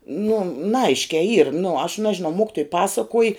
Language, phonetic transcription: Lithuanian, nu naˈaiškiai yr nu aš ˈnažinau ˈmokitoj ˈpasakuoj

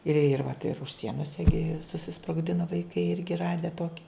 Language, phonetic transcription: Lithuanian, ir ir vat ir už ˈsienos iˈgi susisprogˈdino vaiˈkai ˈirgi ˈrade ˈtoki

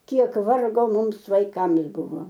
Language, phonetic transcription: Lithuanian, ˈkiek ˈvargo ˈmums vaiˈkams ˈbuvo

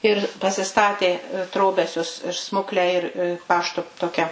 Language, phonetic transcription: Lithuanian, ir pasiˈstatė ˈtrobesius ir ˈsmukle ir ˈpašto ˈtokia

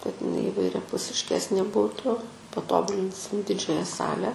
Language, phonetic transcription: Lithuanian, kad iˈnai įvairiapusišˈkesnė ˈbūtu paˈtobulinsim ˈdidžiaja ˈsale

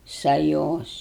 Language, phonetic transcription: Lithuanian, saˈjos

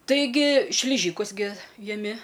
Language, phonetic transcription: Lithuanian, taiˈgi šliˈžykus gi jaˈmi

